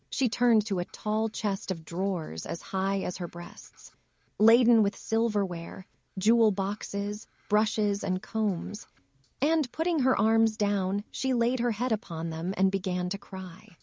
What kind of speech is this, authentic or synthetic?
synthetic